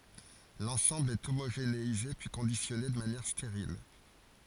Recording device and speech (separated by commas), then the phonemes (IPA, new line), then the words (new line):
forehead accelerometer, read sentence
lɑ̃sɑ̃bl ɛ omoʒeneize pyi kɔ̃disjɔne də manjɛʁ steʁil
L'ensemble est homogénéisé puis conditionné de manière stérile.